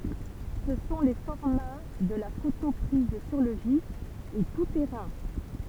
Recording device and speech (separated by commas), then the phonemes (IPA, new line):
temple vibration pickup, read sentence
sə sɔ̃ le fɔʁma də la foto pʁiz syʁ lə vif e tu tɛʁɛ̃